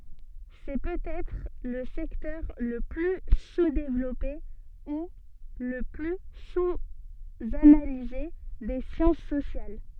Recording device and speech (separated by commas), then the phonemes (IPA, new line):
soft in-ear microphone, read sentence
sɛ pøtɛtʁ lə sɛktœʁ lə ply suzdevlɔpe u lə ply suzanalize de sjɑ̃s sosjal